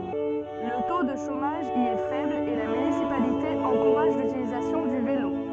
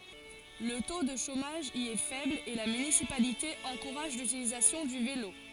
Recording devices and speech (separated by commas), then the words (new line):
soft in-ear microphone, forehead accelerometer, read sentence
Le taux de chômage y est faible, et la municipalité encourage l'utilisation du vélo.